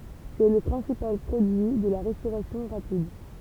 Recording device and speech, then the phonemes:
temple vibration pickup, read sentence
sɛ lə pʁɛ̃sipal pʁodyi də la ʁɛstoʁasjɔ̃ ʁapid

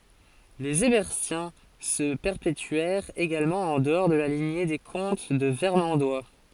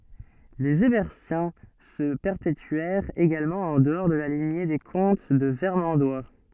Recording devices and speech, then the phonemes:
forehead accelerometer, soft in-ear microphone, read sentence
lez ɛʁbɛʁtjɛ̃ sə pɛʁpetyɛʁt eɡalmɑ̃ ɑ̃ dəɔʁ də la liɲe de kɔ̃t də vɛʁmɑ̃dwa

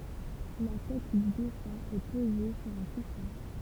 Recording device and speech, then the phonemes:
temple vibration pickup, read sentence
la tɛt dy defœ̃ ɛ poze syʁ œ̃ kusɛ̃

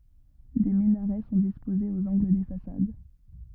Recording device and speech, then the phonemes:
rigid in-ear microphone, read sentence
de minaʁɛ sɔ̃ dispozez oz ɑ̃ɡl de fasad

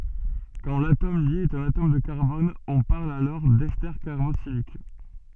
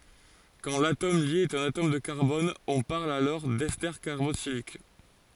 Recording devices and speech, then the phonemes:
soft in-ear microphone, forehead accelerometer, read sentence
kɑ̃ latom lje ɛt œ̃n atom də kaʁbɔn ɔ̃ paʁl dɛste kaʁboksilik

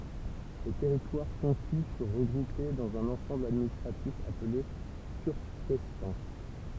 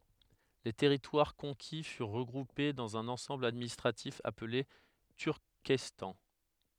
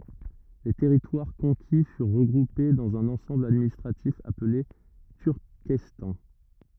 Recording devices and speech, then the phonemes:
temple vibration pickup, headset microphone, rigid in-ear microphone, read sentence
le tɛʁitwaʁ kɔ̃ki fyʁ ʁəɡʁupe dɑ̃z œ̃n ɑ̃sɑ̃bl administʁatif aple tyʁkɛstɑ̃

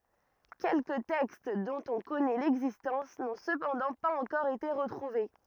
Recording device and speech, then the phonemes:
rigid in-ear microphone, read sentence
kɛlkə tɛkst dɔ̃t ɔ̃ kɔnɛ lɛɡzistɑ̃s nɔ̃ səpɑ̃dɑ̃ paz ɑ̃kɔʁ ete ʁətʁuve

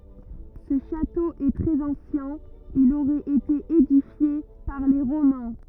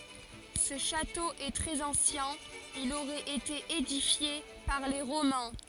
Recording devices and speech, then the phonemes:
rigid in-ear microphone, forehead accelerometer, read sentence
sə ʃato ɛ tʁɛz ɑ̃sjɛ̃ il oʁɛt ete edifje paʁ le ʁomɛ̃

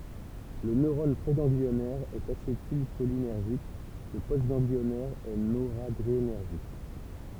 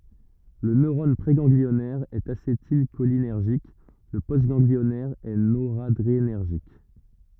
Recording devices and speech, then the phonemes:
temple vibration pickup, rigid in-ear microphone, read sentence
lə nøʁɔn pʁeɡɑ̃ɡliɔnɛʁ ɛt asetilʃolinɛʁʒik lə postɡɑ̃ɡliɔnɛʁ ɛ noʁadʁenɛʁʒik

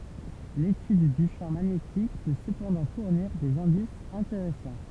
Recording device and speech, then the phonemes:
temple vibration pickup, read sentence
letyd dy ʃɑ̃ maɲetik pø səpɑ̃dɑ̃ fuʁniʁ dez ɛ̃disz ɛ̃teʁɛsɑ̃

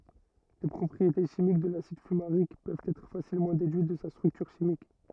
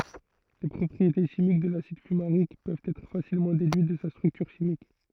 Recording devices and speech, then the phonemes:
rigid in-ear microphone, throat microphone, read sentence
le pʁɔpʁiete ʃimik də lasid fymaʁik pøvt ɛtʁ fasilmɑ̃ dedyit də sa stʁyktyʁ ʃimik

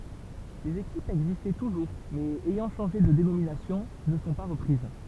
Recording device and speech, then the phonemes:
temple vibration pickup, read sentence
lez ekipz ɛɡzistɑ̃ tuʒuʁ mɛz ɛjɑ̃ ʃɑ̃ʒe də denominasjɔ̃ nə sɔ̃ pa ʁəpʁiz

